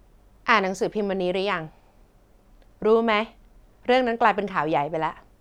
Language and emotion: Thai, neutral